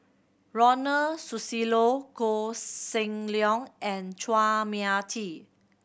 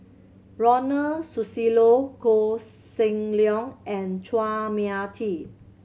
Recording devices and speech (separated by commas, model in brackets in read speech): boundary microphone (BM630), mobile phone (Samsung C7100), read sentence